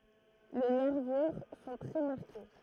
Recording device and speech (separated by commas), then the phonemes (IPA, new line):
throat microphone, read sentence
le nɛʁvyʁ sɔ̃ tʁɛ maʁke